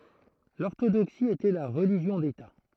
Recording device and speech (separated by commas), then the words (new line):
throat microphone, read sentence
L'orthodoxie était la religion d’État.